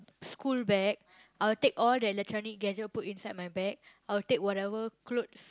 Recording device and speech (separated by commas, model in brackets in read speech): close-talking microphone, conversation in the same room